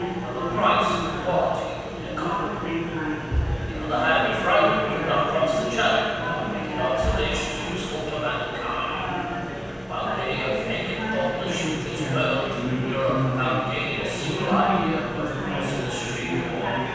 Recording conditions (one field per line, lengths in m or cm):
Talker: one person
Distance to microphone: 7.1 m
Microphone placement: far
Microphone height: 1.7 m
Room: very reverberant, large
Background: babble